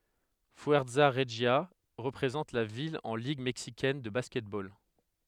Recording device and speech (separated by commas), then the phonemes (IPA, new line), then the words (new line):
headset microphone, read sentence
fyɛʁza ʁəʒja ʁəpʁezɑ̃t la vil ɑ̃ liɡ mɛksikɛn də baskɛtbol
Fuerza Regia représente la ville en Ligue mexicaine de basketball.